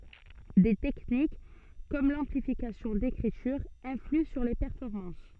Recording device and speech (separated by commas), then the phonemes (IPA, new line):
soft in-ear microphone, read sentence
de tɛknik kɔm lɑ̃plifikasjɔ̃ dekʁityʁ ɛ̃flyɑ̃ syʁ le pɛʁfɔʁmɑ̃s